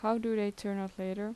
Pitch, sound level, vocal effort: 205 Hz, 81 dB SPL, normal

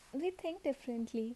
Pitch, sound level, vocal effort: 270 Hz, 74 dB SPL, soft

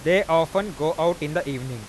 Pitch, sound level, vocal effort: 165 Hz, 96 dB SPL, loud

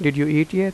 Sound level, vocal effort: 87 dB SPL, normal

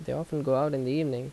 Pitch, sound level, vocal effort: 145 Hz, 81 dB SPL, normal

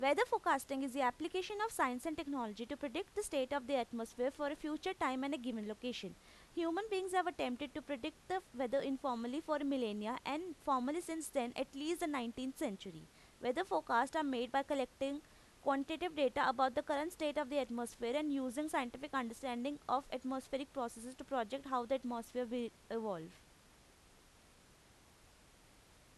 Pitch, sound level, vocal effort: 275 Hz, 88 dB SPL, loud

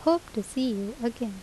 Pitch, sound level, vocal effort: 235 Hz, 78 dB SPL, normal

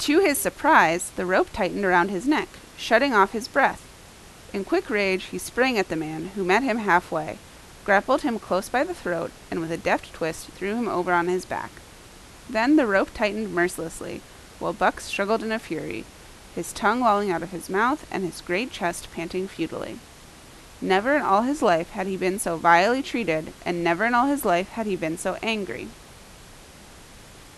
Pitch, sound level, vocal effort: 190 Hz, 85 dB SPL, loud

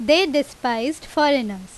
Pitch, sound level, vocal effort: 280 Hz, 90 dB SPL, very loud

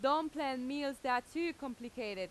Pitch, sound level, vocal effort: 270 Hz, 93 dB SPL, very loud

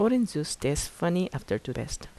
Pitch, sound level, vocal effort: 150 Hz, 80 dB SPL, soft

